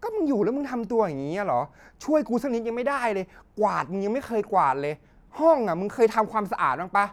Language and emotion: Thai, angry